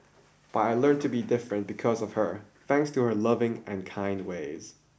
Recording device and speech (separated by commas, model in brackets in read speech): boundary microphone (BM630), read sentence